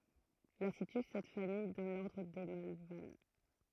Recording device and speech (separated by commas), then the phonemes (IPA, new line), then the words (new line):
throat microphone, read sentence
la sity sɛt famij dɑ̃ lɔʁdʁ de malval
La situe cette famille dans l'ordre des Malvales.